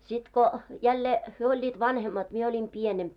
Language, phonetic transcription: Finnish, 'sit ko , jälle , 'hyö oĺĺiit "vanhemmat , 'mie oĺim "pienemp .
- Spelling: sitten kun jälleen he olivat vanhemmat minä olin pienempi

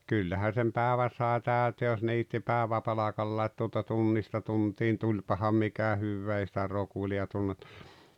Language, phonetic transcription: Finnish, 'kyllähä sem "pääᵉvä sae "tä̀ytee jos 'niitti "pääᵉväpalakalla ‿et tuota 'tunnista 'tuntiin "tuĺpaham mikä 'hyvvee ei sⁱtä 'rokuli₍a (tunnettu) .
- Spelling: kyllähän sen päivän sai täyteen jos niitti päiväpalkalla että tuota tunnista tuntiin tulipahan mikä hyvään ei sitä rokulia tunnettu

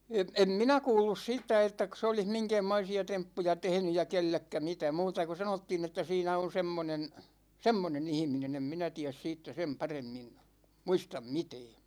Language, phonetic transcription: Finnish, (əm) , 'em "minä 'kuullus 'siittä 'ettäk(ö) se olih 'miŋkä̭ä̭mmoisi₍a 'temppuja 'tehᵉny ja 'kellekkä 'mitä , 'muuta ko 'sanottiin ‿että 'siinä on 'semmonen , "semmone'n ‿ihminen ‿em 'minä 'tiäs 'siittä 'sem 'paremmin , "muistam "mitɛɛ .
- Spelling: - en minä kuullut siitä ettäkö se olisi minkäänmoisia temppuja tehnyt ja kenellekään mitä muuta kuin sanottiin että siinä on semmoinen semmoinen ihminen en minä tiedä siitä sen paremmin muista mitään

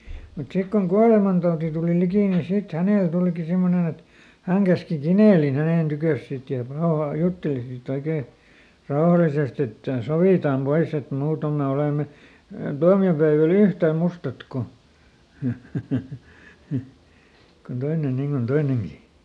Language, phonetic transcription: Finnish, mut ˈsik koŋ ˈkualemantauti tùli ˈlikì nin ˈsit ˈhänèl tùliki ˈsimmonen ‿et , häŋ käski "Kinèlin ˈhänèn ˈtykö̀s sit ja ˈpaoha- , "jutteli siˈt ‿oikee , ˈraohalisest ‿että » "sovìtam ˈpois ‿et ˈmuutom me ˈolème , ˈtuami₍opäevä"l ‿yhtä̀ ˈmustat ko , kon ˈtoinen ˈniŋ kon "toineŋGi » .
- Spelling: mutta sitten kun kuolemantauti tuli liki niin sitten hänelle tulikin semmoinen että hän käski Kinelin hänen tykönsä sitten ja - jutteli sitten oikein rauhallisesti että sovitaan pois että muuten me olemme tuomiopäivällä yhtä mustat kuin kuin toinen niin kuin toinenkin

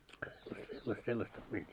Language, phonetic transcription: Finnish, se- sella- sellasta peili .
- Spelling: - - sellaista peliä

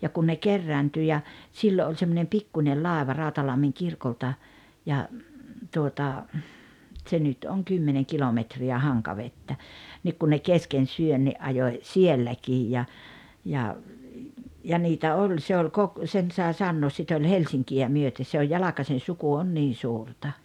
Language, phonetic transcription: Finnish, ja kun ne 'kerräntyy ja , 'siilo oĺ semmonem "pikkuńel "làeva 'Ràu̬talammiŋ 'kirkolta , ja , tuota , tse nyt oŋ 'kymmeneŋ 'kilometri₍ä 'Haŋkavettä , nik kun ne 'kesken 'syönni’ ’ajoⁱ , "sielläkiij ja , ja , ja 'niitä "oĺ se ol 'kok- , sen sae 'sannoos sit ‿oĺ "Helsiŋki₍ä 'myöte se oj "Jalakasen̬ 'suku 'on 'niin̬ 'suurta .
- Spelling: ja kun ne kerääntyi ja silloin oli semmoinen pikkuinen laiva Rautalammin kirkolta ja tuota se nyt on kymmenen kilometriä Hankavettä niin kun ne kesken syönnin ajoi sielläkin ja ja ja niitä oli se oli - sen sai sanoa sitä oli Helsinkiä myöten se on Jalkasen suku on niin suurta

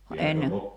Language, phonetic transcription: Finnish, va 'enne ,.
- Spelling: vaan ennen

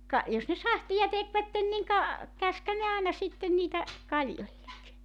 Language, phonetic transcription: Finnish, ka , jos ne "sahtija 'tekvätten niŋ ka , 'käskhän ne 'àena sitten 'niitä , 'kaĺjoĺĺek .
- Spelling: ka jos ne sahtia tekivät niin ka käskihän ne aina sitten niitä kaljoille

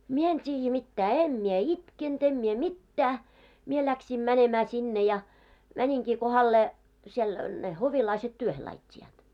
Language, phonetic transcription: Finnish, 'mie en t́iijjä mittää , 'em mie "itkent ‿em mie "mittää , 'mie läksim 'mänemää sinne ja , 'mäńiŋkii kohallee , siel , ne 'hovilaiset 'työhe lait́t́i₍aat .
- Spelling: minä en tiedä mitään en minä itkenyt en minä mitään minä lähdin menemään sinne ja meninkin kohdalleen siellä ne hovilaiset työhön laittoivat

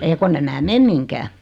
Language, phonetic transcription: Finnish, ei 'konn ‿em mää "mem miŋkää .
- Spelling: ei kun en minä mene mihinkään

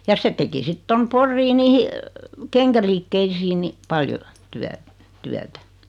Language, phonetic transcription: Finnish, ja 'se teki 'sit 'tom "Porrii 'niihi , "keŋkäliikkeisiin ni , 'paljo , 'tyä- , 'tyätä .
- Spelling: ja se teki sitten tuonne Poriin niihin kenkäliikkeisiin niin paljon - työtä

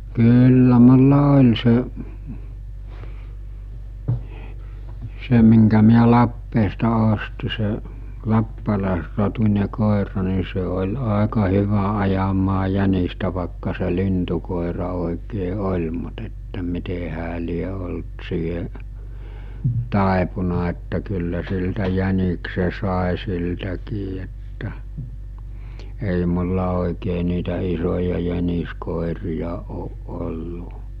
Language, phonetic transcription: Finnish, 'kyyllä mulla 'oĺ se , 'se miŋkä miä 'Lappeesta osti se , 'lappalàesrotuńe 'kòera ni se ol̜ 'àeka 'hyvä 'ajamaa 'jänistä vàekka se 'lintukòera òikee 'oĺ mut että 'mite hää lie olt siihe’ , 'tàepuna että kyllä siltä 'jänikse sàe siltäkii että , ei mulla òikee niitä isoja jäniskòerija ooˀ ˀollu .
- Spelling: kyllä minulla oli se se minkä minä Lappeesta ostin se lappalaisrotuinen koira niin se oli aika hyvä ajamaan jänistä vaikka se lintukoira oikein oli mutta että miten hän lie ollut siihen taipunut että kyllä siltä jäniksen sai siltäkin että ei minulla oikein niitä isoja jäniskoiria ole ollut

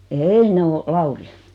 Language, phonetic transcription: Finnish, eei 'ne o , "Lauri .
- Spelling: ei ne on Laurin

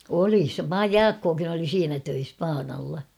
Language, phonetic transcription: Finnish, 'oli se "Jaakkookin ‿oli 'siinä töis 'paanalla .
- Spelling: oli se Jaakkokin oli siinä töissä paanalla

